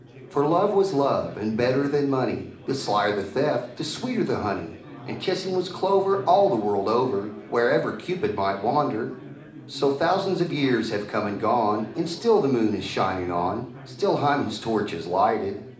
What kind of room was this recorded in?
A mid-sized room (about 5.7 m by 4.0 m).